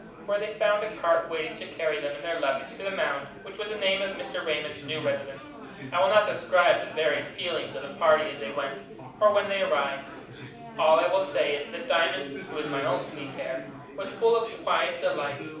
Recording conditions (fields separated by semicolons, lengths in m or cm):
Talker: one person; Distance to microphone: 5.8 m; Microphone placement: far; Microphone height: 1.8 m; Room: medium-sized (5.7 m by 4.0 m); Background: babble